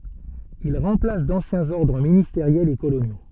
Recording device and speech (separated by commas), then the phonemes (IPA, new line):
soft in-ear microphone, read sentence
il ʁɑ̃plas dɑ̃sjɛ̃z ɔʁdʁ ministeʁjɛlz e kolonjo